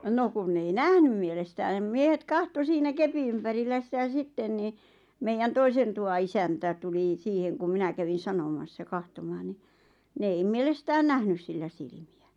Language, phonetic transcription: Finnish, 'no kun ne ei "nähnym mielestää nem 'miehet "kahto 'siinä "kepi ympärillä 'sitä 'sitten ni , meijän "toisen tuwa 'isäntä tuli 'siiheŋ kum 'minä kävin̬ 'sanomassa 'kahtomaan ni , 'ne ei 'mielestään "nähnys sillä 'silⁱmi₍ä .
- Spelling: no kun ne ei nähnyt mielestään ne miehet katsoi siinä kepin ympärillä sitä sitten niin meidän toisen tuvan isäntä tuli siihen kun minä kävin sanomassa katsomaan niin ne ei mielestään nähnyt sillä silmiä

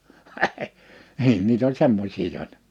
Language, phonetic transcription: Finnish, niin niit ‿oĺ 'semmośii 'jòita .
- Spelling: niin niitä oli semmoisia joita

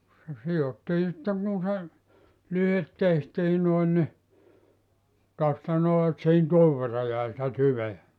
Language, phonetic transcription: Finnish, se 'si₍ottii sitteŋ kun̬ se , 'lyhet 'tehtii noin ni , tosta 'noo et sihin "tuov verra 'jäi sⁱtä "tyveä .
- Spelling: se sidottiin sitten kun se lyhteet tehtiin noin niin tuosta noin että siihen tuon verran jäi sitä tyveä

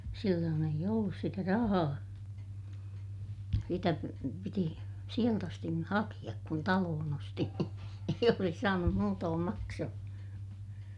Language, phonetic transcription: Finnish, silloon ‿eij ‿ollus sitä rahaa , sitä piti , sielt ‿astin ni hakiʲak kun taloon ‿osti , eij ‿olsis saanum muutoom maksoh(o) .
- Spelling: silloin ei ollut sitä rahaa sitä piti sieltä asti niin hakea kun talon osti ei olisi saanut muutoin maksuun

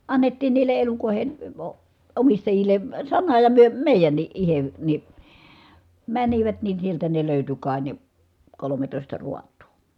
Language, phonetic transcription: Finnish, annettiin niil̀e elukòi̮hen̬ ə o- , omistajil̆le , sana ja myö mèi̮jänniʼ ʼihe , ni , mänivät nin̬ sieltä ne lö̀yty kài ne , kolometòista ruat̀UU .
- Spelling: annettiin niille elukoiden - - omistajille sana ja me meidänkin itse niin menivät niin sieltä ne löytyi kai ne kolmetoista raatoa

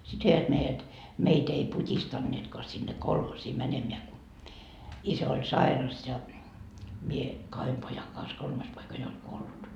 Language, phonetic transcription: Finnish, sit 'veivät meijät , meit ‿ei "put́istanneetkoa sinne "kolhosii 'mänemeä ku , 'isä oĺ "sairas ja , 'mie , 'kahem 'pojaŋ kans 'kolmas poika jo oĺ "kuollut .
- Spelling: sitten veivät meidät meitä ei putistaneetkaan sinne kolhoosiin menemään kun isä oli sairas ja minä kahden pojan kanssa kolmas poika jo oli kuollut

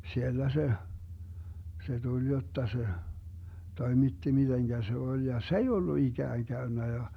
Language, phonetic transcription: Finnish, 'siellä 'se , 'se tuĺ 'jotta se , 'toimitti 'miDeŋGä se 'oĺ ja , "s ‿ei ollu 'iGääŋ 'Gäynnä ja .
- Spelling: siellä se se tuli jotta se toimitti miten se oli ja se ei ollut ikään käynyt ja

